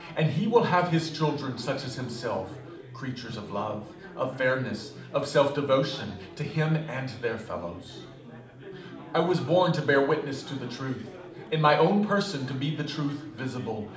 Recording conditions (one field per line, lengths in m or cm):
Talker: one person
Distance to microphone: 2.0 m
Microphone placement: close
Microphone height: 99 cm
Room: medium-sized (5.7 m by 4.0 m)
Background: babble